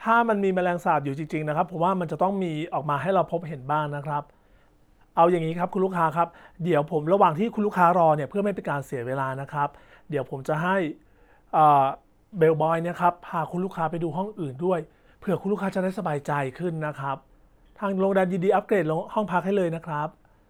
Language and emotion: Thai, neutral